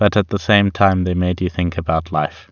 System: none